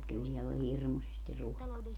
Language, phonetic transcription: Finnish, kyl siɛll ‿ol 'hirmusesti ruokaa .
- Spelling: kyllä siellä oli hirmuisesti ruokaa

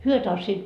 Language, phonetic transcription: Finnish, 'hyö tanssiit ,.
- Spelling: he tanssivat

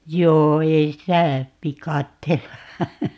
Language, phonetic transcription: Finnish, 'joo 'ei sitä , "vikatteella ,.
- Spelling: joo ei sitä viikatteella

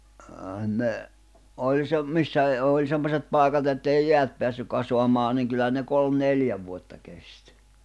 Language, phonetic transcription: Finnish, əə 'ne , 'oĺ se , 'missä e- , òĺ 'semmoset 'pài̬kat ‿ettèi 'jeät peässyk̆ 'kasoamaaⁿ niŋ kyllä ne 'kolm "neljä vuotta kest .
- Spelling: ei ne oli se missä - oli semmoiset paikat että ei jäät päässyt kasaamaan niin kyllä ne kolme neljä vuotta kesti

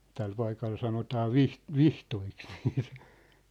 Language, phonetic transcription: Finnish, 'täl paikal sanotaa "vih- , "viht̳oiks niit .
- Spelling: tällä paikalla sanotaan - vihdoiksi niitä

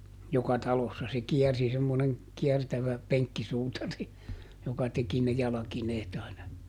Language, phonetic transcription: Finnish, ˈjoka "talossa - se "kiɛrsi semmoneŋ , ˈkiɛrtävä , "peŋkkisuutari , joka ˈteki ne ˈjalakineet aina .
- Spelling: joka talossa se kiersi semmoinen kiertävä penkkisuutari joka teki ne jalkineet aina

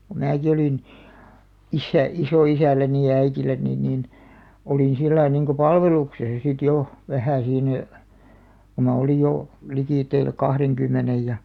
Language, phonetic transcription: Finnish, ku "määki olìn , 'issä- , 'isò₍isälläni ja 'äitilläni niin , 'olìn sillai niŋko "palveluksesa sit 'jo , 'vähä̀ siinä , ko ma olij 'jo , 'likìtteil 'kahreŋkymmenej ja ,.
- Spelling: kun minäkin olin - isoisälläni ja äidilläni niin olin sillä lailla niin kuin palveluksessa sitten jo vähän siinä kun minä olin jo liki kahdenkymmenen ja

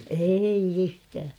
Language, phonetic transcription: Finnish, eeiʲ ‿'yhtää .
- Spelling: ei yhtään

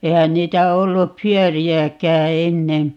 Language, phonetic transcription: Finnish, 'eihän 'niitä 'ollup "pyöri₍äkää 'ennen̬ .
- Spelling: eihän niitä ollut pyöriäkään ennen

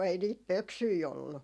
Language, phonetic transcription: Finnish, 'ei niit "pöksyi ollu .
- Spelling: ei niitä pöksyjä ollut

